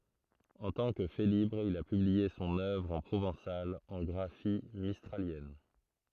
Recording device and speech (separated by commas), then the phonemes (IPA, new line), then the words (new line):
throat microphone, read sentence
ɑ̃ tɑ̃ kə felibʁ il a pyblie sɔ̃n œvʁ ɑ̃ pʁovɑ̃sal ɑ̃ ɡʁafi mistʁaljɛn
En tant que Félibre, il a publié son œuvre en provençal en graphie mistralienne.